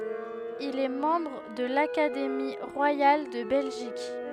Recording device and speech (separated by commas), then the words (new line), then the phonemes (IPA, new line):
headset microphone, read sentence
Il est membre de l'Académie royale de Belgique.
il ɛ mɑ̃bʁ də lakademi ʁwajal də bɛlʒik